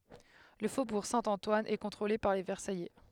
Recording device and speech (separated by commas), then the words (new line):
headset microphone, read sentence
Le faubourg Saint-Antoine est contrôlé par les Versaillais.